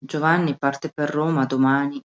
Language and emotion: Italian, sad